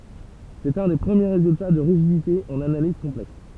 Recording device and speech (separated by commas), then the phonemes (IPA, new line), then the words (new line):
temple vibration pickup, read sentence
sɛt œ̃ de pʁəmje ʁezylta də ʁiʒidite ɑ̃n analiz kɔ̃plɛks
C'est un des premiers résultats de rigidité en analyse complexe.